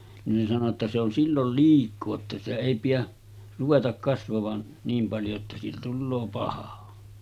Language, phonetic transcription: Finnish, nin sano ‿tta » se ‿on 'sillol 'liik̆koo että sitä èi pijä , 'ruvetak kasvavan , 'niim paljo että siitä "tulloo 'paha « .
- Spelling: niin sanoi jotta se on silloin liikaa että sitä ei pidä ruveta kasvavan niin paljon että siitä tulee paha

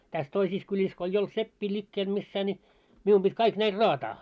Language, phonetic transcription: Finnish, 'täs toisis kyĺis ko eij ‿olt 'seppii 'ĺikkeel missää ńi , 'miu pit 'kaik 'näil "raataa .
- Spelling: tässä toisissa kylissä kun ei ollut seppiä liikkeellä missään niin minun piti kaikki näille raataa

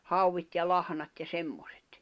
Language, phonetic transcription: Finnish, 'hauwit ja 'lahᵃnat ja 'semmosᴇt .
- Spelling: hauet ja lahnat ja semmoiset

